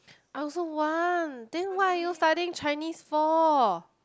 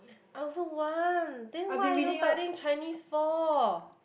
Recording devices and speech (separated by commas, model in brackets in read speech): close-talking microphone, boundary microphone, conversation in the same room